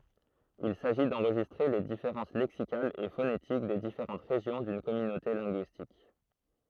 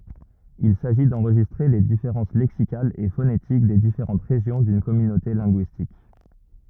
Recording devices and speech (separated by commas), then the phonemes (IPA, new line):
throat microphone, rigid in-ear microphone, read sentence
il saʒi dɑ̃ʁʒistʁe le difeʁɑ̃s lɛksikalz e fonetik de difeʁɑ̃t ʁeʒjɔ̃ dyn kɔmynote lɛ̃ɡyistik